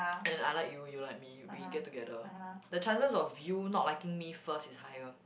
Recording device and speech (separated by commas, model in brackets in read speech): boundary microphone, conversation in the same room